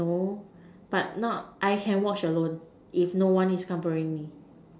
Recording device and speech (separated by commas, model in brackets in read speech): standing microphone, conversation in separate rooms